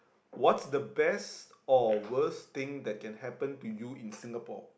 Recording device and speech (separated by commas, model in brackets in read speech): boundary microphone, conversation in the same room